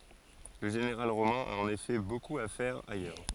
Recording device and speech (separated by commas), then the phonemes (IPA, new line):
forehead accelerometer, read sentence
lə ʒeneʁal ʁomɛ̃ a ɑ̃n efɛ bokup a fɛʁ ajœʁ